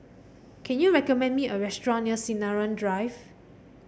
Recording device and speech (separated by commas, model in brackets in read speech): boundary microphone (BM630), read sentence